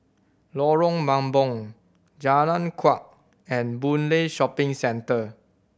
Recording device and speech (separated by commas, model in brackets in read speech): boundary microphone (BM630), read sentence